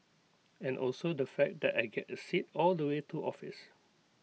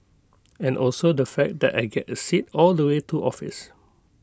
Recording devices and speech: mobile phone (iPhone 6), close-talking microphone (WH20), read sentence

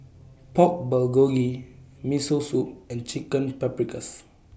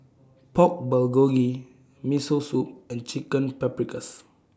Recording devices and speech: boundary microphone (BM630), standing microphone (AKG C214), read sentence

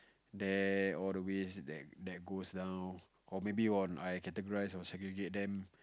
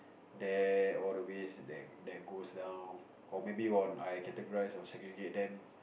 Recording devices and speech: close-talking microphone, boundary microphone, conversation in the same room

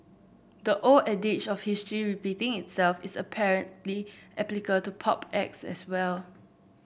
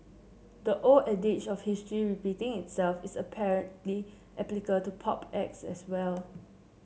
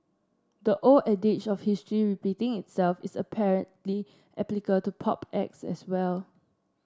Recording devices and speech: boundary microphone (BM630), mobile phone (Samsung C7), standing microphone (AKG C214), read sentence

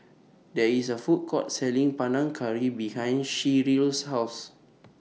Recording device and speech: mobile phone (iPhone 6), read sentence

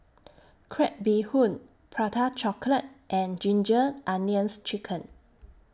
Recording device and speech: standing microphone (AKG C214), read sentence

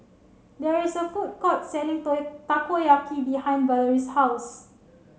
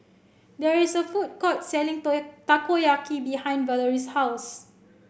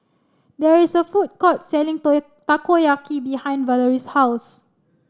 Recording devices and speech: mobile phone (Samsung C7), boundary microphone (BM630), standing microphone (AKG C214), read sentence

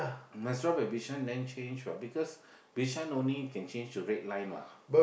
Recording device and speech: boundary microphone, conversation in the same room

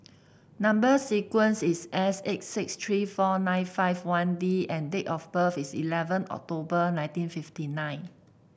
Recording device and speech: boundary microphone (BM630), read sentence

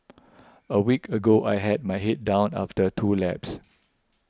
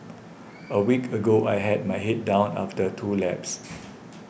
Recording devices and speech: close-talking microphone (WH20), boundary microphone (BM630), read sentence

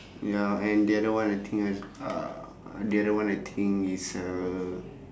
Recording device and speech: standing microphone, conversation in separate rooms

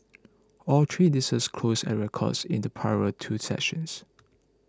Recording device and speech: close-talking microphone (WH20), read sentence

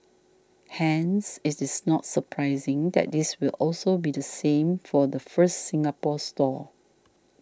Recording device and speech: standing microphone (AKG C214), read sentence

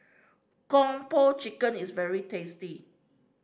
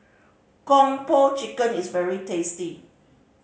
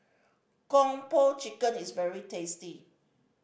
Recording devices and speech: standing microphone (AKG C214), mobile phone (Samsung C5010), boundary microphone (BM630), read sentence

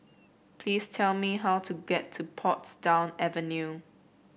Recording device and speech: boundary microphone (BM630), read sentence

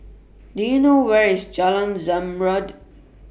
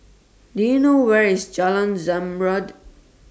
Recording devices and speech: boundary microphone (BM630), standing microphone (AKG C214), read sentence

